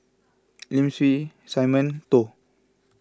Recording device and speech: close-talking microphone (WH20), read sentence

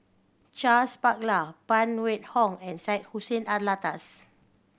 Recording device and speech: boundary microphone (BM630), read sentence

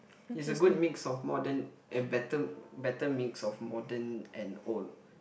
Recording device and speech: boundary microphone, conversation in the same room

